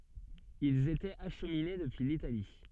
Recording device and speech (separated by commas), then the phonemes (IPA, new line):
soft in-ear microphone, read sentence
ilz etɛt aʃmine dəpyi litali